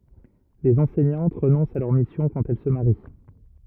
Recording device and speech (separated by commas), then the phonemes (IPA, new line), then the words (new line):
rigid in-ear microphone, read sentence
lez ɑ̃sɛɲɑ̃t ʁənɔ̃st a lœʁ misjɔ̃ kɑ̃t ɛl sə maʁi
Les enseignantes renoncent à leur mission quand elles se marient.